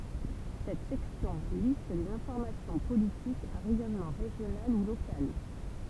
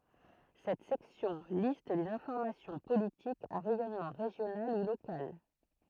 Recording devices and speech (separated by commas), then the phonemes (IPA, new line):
temple vibration pickup, throat microphone, read sentence
sɛt sɛksjɔ̃ list le fɔʁmasjɔ̃ politikz a ʁɛjɔnmɑ̃ ʁeʒjonal u lokal